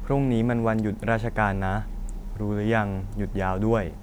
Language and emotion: Thai, frustrated